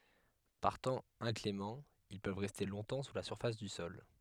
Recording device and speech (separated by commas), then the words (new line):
headset microphone, read sentence
Par temps inclément, ils peuvent rester longtemps sous la surface du sol.